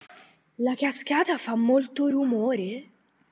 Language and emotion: Italian, surprised